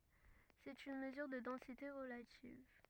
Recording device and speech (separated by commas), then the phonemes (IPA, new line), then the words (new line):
rigid in-ear microphone, read sentence
sɛt yn məzyʁ də dɑ̃site ʁəlativ
C'est une mesure de densité relative.